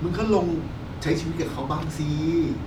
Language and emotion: Thai, frustrated